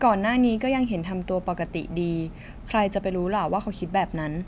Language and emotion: Thai, neutral